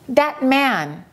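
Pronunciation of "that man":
In 'that man', the t at the end of 'that' is held before 'man'. It is not skipped completely.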